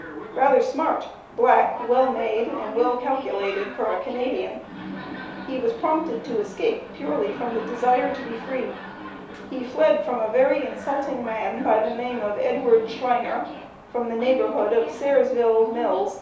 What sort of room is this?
A small room (about 3.7 m by 2.7 m).